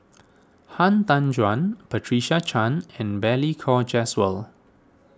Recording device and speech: standing microphone (AKG C214), read sentence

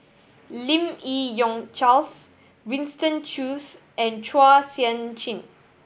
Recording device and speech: boundary microphone (BM630), read sentence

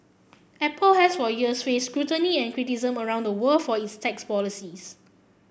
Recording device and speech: boundary microphone (BM630), read sentence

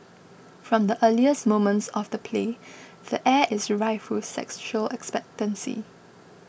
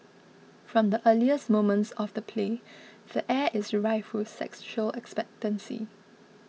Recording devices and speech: boundary microphone (BM630), mobile phone (iPhone 6), read sentence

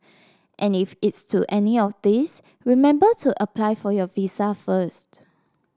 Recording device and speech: standing microphone (AKG C214), read sentence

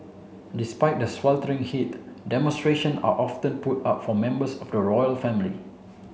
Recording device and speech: mobile phone (Samsung C7), read sentence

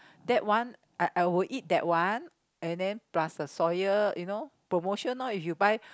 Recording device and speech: close-talking microphone, conversation in the same room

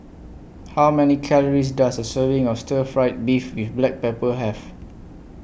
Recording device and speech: boundary microphone (BM630), read sentence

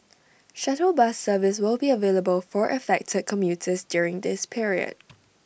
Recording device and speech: boundary microphone (BM630), read sentence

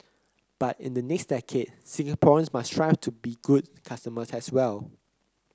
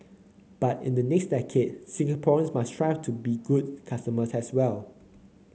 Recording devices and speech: close-talking microphone (WH30), mobile phone (Samsung C9), read sentence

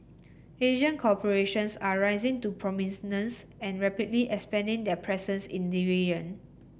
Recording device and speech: boundary microphone (BM630), read sentence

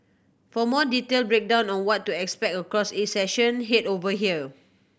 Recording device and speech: boundary microphone (BM630), read sentence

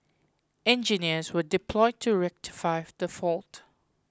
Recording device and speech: close-talking microphone (WH20), read sentence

